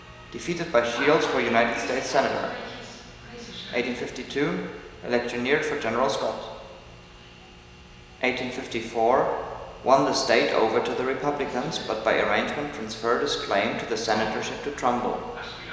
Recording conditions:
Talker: one person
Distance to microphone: 1.7 m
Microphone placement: close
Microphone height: 1.0 m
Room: very reverberant, large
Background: television

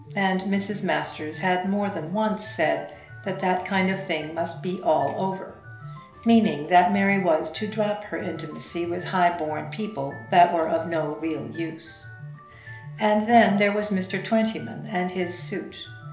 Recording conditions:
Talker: one person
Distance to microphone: 1.0 m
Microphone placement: close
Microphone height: 1.1 m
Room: small (3.7 m by 2.7 m)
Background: music

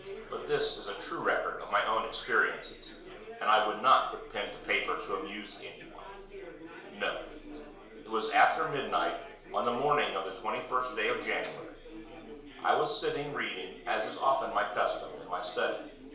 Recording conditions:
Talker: one person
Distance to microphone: 1.0 m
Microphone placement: close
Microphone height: 1.1 m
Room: small (3.7 m by 2.7 m)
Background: babble

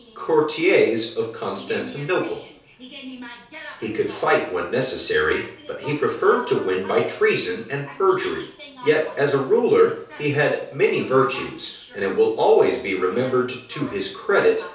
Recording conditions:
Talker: one person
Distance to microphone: 3.0 m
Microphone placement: far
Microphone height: 1.8 m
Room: small (3.7 m by 2.7 m)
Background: television

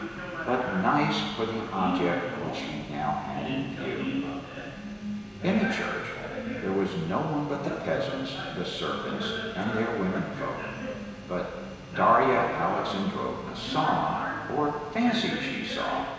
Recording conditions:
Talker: one person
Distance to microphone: 1.7 m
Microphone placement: close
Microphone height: 1.0 m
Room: very reverberant, large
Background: television

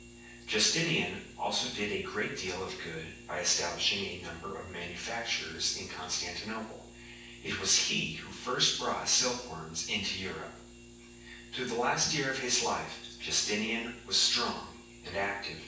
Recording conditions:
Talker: one person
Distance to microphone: 9.8 m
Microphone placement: far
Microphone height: 1.8 m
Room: large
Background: none

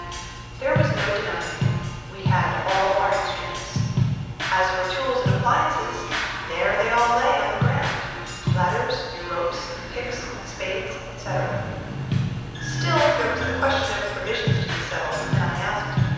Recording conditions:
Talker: one person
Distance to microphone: 7.1 m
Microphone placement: far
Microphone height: 1.7 m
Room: very reverberant, large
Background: music

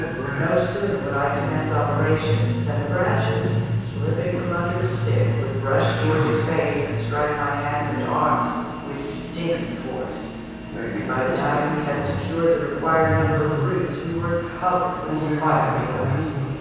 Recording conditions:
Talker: one person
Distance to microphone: 7.1 m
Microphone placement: far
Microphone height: 1.7 m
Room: very reverberant, large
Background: television

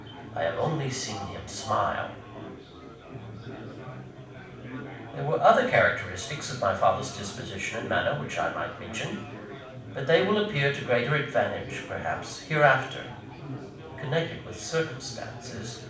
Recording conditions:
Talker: one person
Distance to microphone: 5.8 m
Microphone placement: far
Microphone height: 1.8 m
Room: medium-sized (5.7 m by 4.0 m)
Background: babble

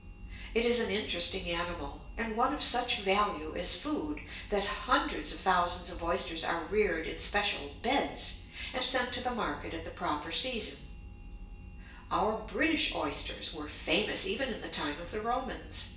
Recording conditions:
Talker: one person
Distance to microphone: 1.8 m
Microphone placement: close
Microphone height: 1.0 m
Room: large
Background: none

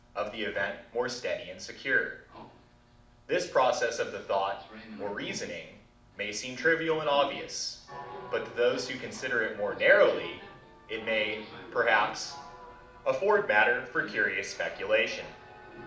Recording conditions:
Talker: one person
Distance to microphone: 2.0 m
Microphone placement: close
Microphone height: 99 cm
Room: medium-sized (5.7 m by 4.0 m)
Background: television

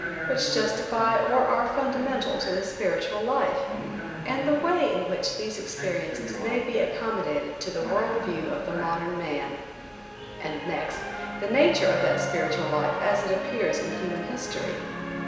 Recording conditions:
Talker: one person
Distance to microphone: 1.7 m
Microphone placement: close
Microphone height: 1.0 m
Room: very reverberant, large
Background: television

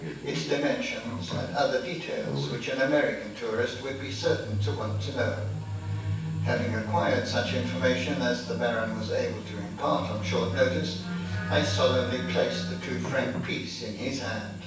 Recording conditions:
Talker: one person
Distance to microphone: 9.8 m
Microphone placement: far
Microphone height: 1.8 m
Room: large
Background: television

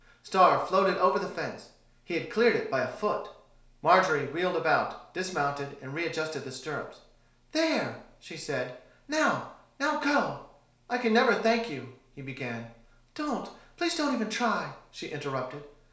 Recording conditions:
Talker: one person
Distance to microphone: 1.0 m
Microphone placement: close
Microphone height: 1.1 m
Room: small (3.7 m by 2.7 m)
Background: none

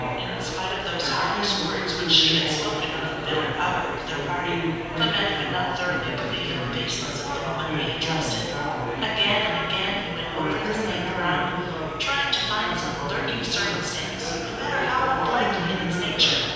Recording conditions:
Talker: one person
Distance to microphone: 7.1 m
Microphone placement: far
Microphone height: 1.7 m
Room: very reverberant, large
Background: babble

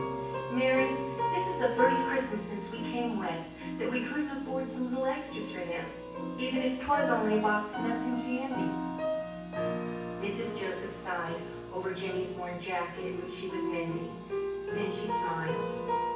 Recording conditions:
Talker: one person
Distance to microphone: 9.8 m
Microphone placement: far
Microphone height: 1.8 m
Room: large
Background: music

